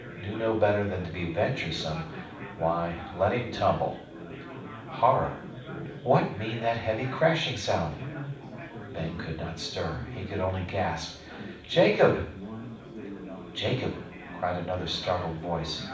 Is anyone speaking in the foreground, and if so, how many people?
One person.